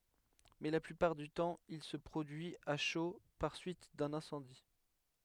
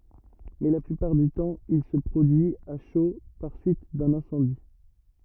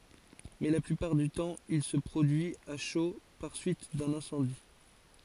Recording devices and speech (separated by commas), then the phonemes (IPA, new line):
headset microphone, rigid in-ear microphone, forehead accelerometer, read sentence
mɛ la plypaʁ dy tɑ̃ il sə pʁodyi a ʃo paʁ syit dœ̃n ɛ̃sɑ̃di